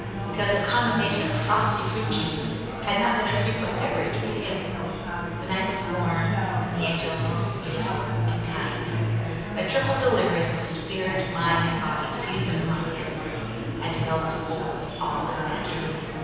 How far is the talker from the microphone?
7.1 m.